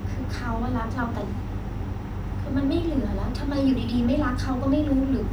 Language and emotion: Thai, frustrated